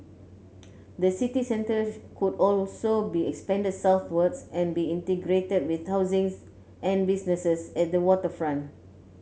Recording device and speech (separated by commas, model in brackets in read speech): mobile phone (Samsung C9), read sentence